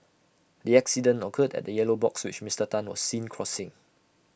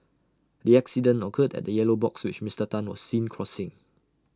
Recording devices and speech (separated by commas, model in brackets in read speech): boundary microphone (BM630), standing microphone (AKG C214), read sentence